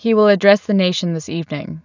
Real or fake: real